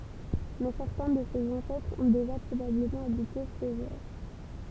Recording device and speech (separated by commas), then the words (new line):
temple vibration pickup, read sentence
Mais certains de ses ancêtres ont déjà probablement habité Feugères.